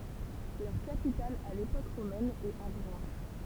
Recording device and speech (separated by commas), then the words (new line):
temple vibration pickup, read sentence
Leur capitale à l'époque romaine est Avranches.